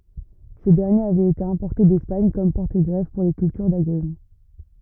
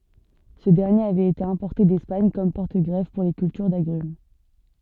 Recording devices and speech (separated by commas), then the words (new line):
rigid in-ear microphone, soft in-ear microphone, read sentence
Ce dernier avait été importé d'Espagne comme porte-greffe pour les cultures d'agrumes.